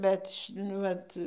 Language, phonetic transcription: Lithuanian, ˈbet nu ˈvat

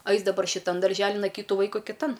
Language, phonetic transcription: Lithuanian, ˈais daˈbar šiˈtan darˈželin a ˈkytu ˈvaiku kiˈtan

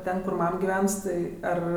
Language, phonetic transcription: Lithuanian, ˈten kur ˈmam giˈvens tai ˈar

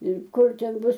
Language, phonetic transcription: Lithuanian, ir ˈkur ˈten ˈbus

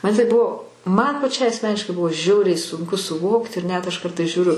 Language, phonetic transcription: Lithuanian, ˈman tai ˈbuvo man paˈčiai asˈmeniškai ˈbuvo ˈžiauriai sunˈku suˈvokt ir net aš ˈkartais žiūˈriu

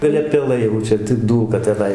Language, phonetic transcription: Lithuanian, gaˈle peˈlai jau ˈčia tik ˈdūlka teˈnai

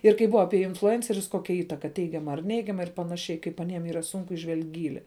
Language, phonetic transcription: Lithuanian, ir kai ˈbuva ˈapie influˈencerius ˈkokia ˈįtaka ˈteigiama ar ˈneigiama ir panaˈšiai kaip aˈniem ˈyra ˈsun iˈžvelg' ˈgyli

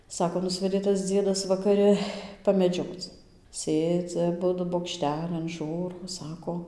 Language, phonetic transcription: Lithuanian, ˈsako ˈnusvedė tas ˈdziedas vakaˈri pameˈdžioc ˈsėdzi aˈbudu bokˈštelin ˈžūro ˈsako

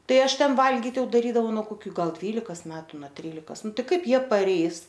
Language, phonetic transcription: Lithuanian, ˈtai ˈaš ˈten ˈvalgit ˈjau daˈrydavau nuo koˈkių ˈgal ˈdvylikas ˈmetu na ˈtrylikas ˈnu ˈtai ˈkaip ˈjie paˈreis

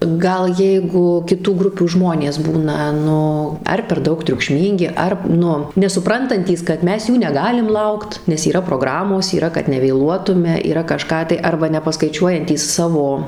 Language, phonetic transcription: Lithuanian, ˈgal ˈjeigu kiˈtų ˈgrupių ˈžmonės ˈbūna ˈnu ˈar per ˈdaug triukˈšmyngi ˈar ˈnu nesuˈprantantys kad ˈmes ˈjų neˈgalim ˈlaukt nes yˈra proˈgramos yˈra kad nevėˈluotume yˈra kaˈžką tai ˈarba nepaskaiˈčiuojantys ˈsavo

